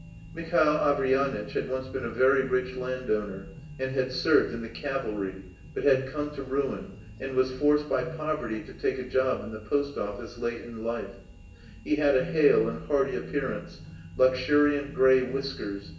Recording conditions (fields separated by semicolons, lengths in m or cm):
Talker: one person; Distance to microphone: 1.8 m; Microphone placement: close; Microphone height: 1.0 m; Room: large; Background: music